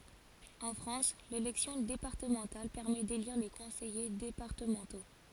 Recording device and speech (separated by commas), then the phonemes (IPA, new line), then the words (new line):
forehead accelerometer, read sentence
ɑ̃ fʁɑ̃s lelɛksjɔ̃ depaʁtəmɑ̃tal pɛʁmɛ deliʁ le kɔ̃sɛje depaʁtəmɑ̃to
En France, l'élection départementale permet d'élire les conseillers départementaux.